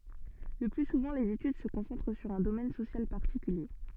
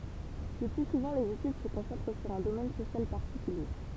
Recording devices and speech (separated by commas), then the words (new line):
soft in-ear microphone, temple vibration pickup, read sentence
Le plus souvent, les études se concentrent sur un domaine social particulier.